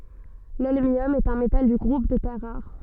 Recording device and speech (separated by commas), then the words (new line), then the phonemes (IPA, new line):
soft in-ear microphone, read sentence
L'holmium est un métal du groupe des terres rares.
lɔlmjɔm ɛt œ̃ metal dy ɡʁup de tɛʁ ʁaʁ